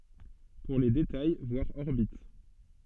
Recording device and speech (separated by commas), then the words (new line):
soft in-ear microphone, read sentence
Pour les détails, voir orbite.